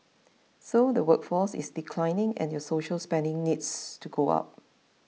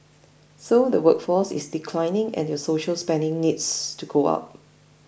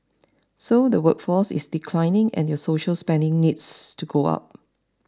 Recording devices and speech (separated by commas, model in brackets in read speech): mobile phone (iPhone 6), boundary microphone (BM630), standing microphone (AKG C214), read sentence